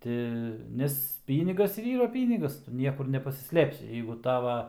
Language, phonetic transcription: Lithuanian, ˈti ˈnes ˈpynigas ir ˈyra ˈpynigas ˈtu ˈniekur nepasiˈslėpsi ˈjeigu ˈtava

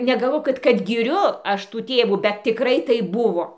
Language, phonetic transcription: Lithuanian, negaˈlvok kad kad giˈriu ˈaš tų ˈtėvų bet tiˈkrai ˈtaip ˈbuvo

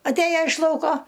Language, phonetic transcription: Lithuanian, atˈėja iš ˈlauko

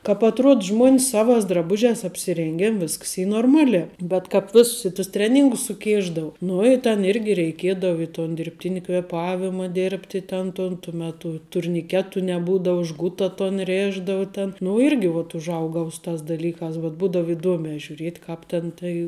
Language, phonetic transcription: Lithuanian, kāp atˈruod ˈžmuon's ˈsavās draˈbužiās apsiˈrėngėn ˈvisks ˈy norˈmaˌliā bet kāp ˈvėsus i tus ˈtreˌnyngus suˈkėšdavo ˈnu i ten ˈirgi reikėdav i ton dirbˈtini kvėˈpavima ˈdėrbti ˈten ton tu meˈtu turniˈketu neˈbūdau ˈžguta ton ˈrėšdavu ten nu ˈirgi vat užˈaugau ˈsu ˌtās daˈlykās bet ˈbūdav iˈduomē žiūˈriet' ˈkāp ten tai

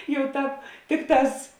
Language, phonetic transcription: Lithuanian, jau ˈtāp ˈtikˌtās

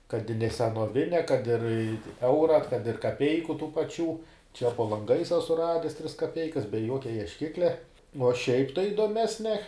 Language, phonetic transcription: Lithuanian, kad i ne senoˈvine kad ir i ˈeura kad ir kaˈpeiku tų paˈčių čia po lanˈgais ˈasu ˈrades tris kaˈpeikas be ˈjuokia iešˈkiklia nu uo šiaip tai idoˈmesnia

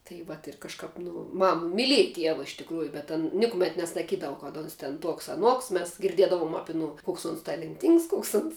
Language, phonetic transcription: Lithuanian, tai ˈvat ir kažˈkap nu ˈmam miˈlieja ˈtieva iš tikˈrųju bet an ˈnikumet nesaˈkydavu kad ˈons ten ˈtuoks aˈnuoks ˈmes girˈdiedavom ˈapi aˈnu ˈkoks uns talenˈtyngs ˈkoks uns

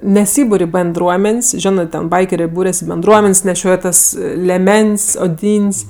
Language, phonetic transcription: Lithuanian, neˈsybur' i benˈdruomen's' ˈžionɜ ˈten ˈbaikerė ˈbūrias i benˈdruomen's' neˈšioj tas leˈmen's' oˈdyn's'

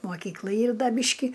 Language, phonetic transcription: Lithuanian, moˈkykla ˈyr ˈda ˈbyški

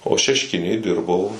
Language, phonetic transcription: Lithuanian, o šešˈkinėj ˈdirbau

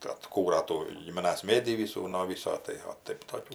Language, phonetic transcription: Lithuanian, tai atˈkūra ˈtų gimiˈnas ˈmėdį ˈvysų no ˈvyso tai o ˈtaip toˈkių

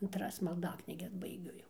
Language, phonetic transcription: Lithuanian, antˈras malˈdaknyges baiˈgiu jau

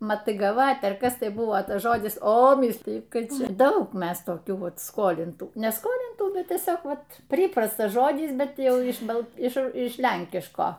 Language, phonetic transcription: Lithuanian, matygaˈvat' ar ˈkas tai ˈbuvo ˈtas ˈžodis o ˈmysliju ˈtai ˈčia ˈdaug ˈmes toˈkių ˈvat ˈskolintų ne ˈskolintų ˈbet tieˈsiog ˈvat ˈpryprastas ˈžodis ˈbet ˈjau iš ˈba iš ˈiš ˈlenkiško

